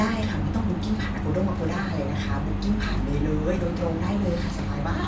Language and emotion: Thai, happy